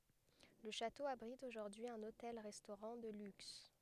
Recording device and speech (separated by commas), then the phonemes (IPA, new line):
headset microphone, read sentence
lə ʃato abʁit oʒuʁdyi œ̃n otɛl ʁɛstoʁɑ̃ də lyks